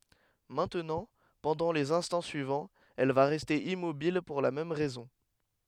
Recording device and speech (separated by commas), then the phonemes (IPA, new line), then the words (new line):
headset microphone, read sentence
mɛ̃tnɑ̃ pɑ̃dɑ̃ lez ɛ̃stɑ̃ syivɑ̃z ɛl va ʁɛste immobil puʁ la mɛm ʁɛzɔ̃
Maintenant, pendant les instants suivants, elle va rester immobile pour la même raison.